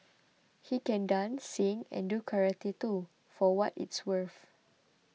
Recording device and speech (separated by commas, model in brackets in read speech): mobile phone (iPhone 6), read sentence